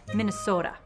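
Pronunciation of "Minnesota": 'Minnesota' is said in a Minnesota accent: the o is shorter and closer to a pure sound than a two-part diphthong.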